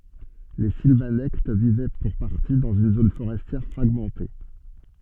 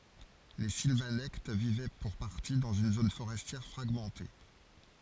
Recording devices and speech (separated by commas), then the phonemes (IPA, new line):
soft in-ear microphone, forehead accelerometer, read sentence
le silvanɛkt vivɛ puʁ paʁti dɑ̃z yn zon foʁɛstjɛʁ fʁaɡmɑ̃te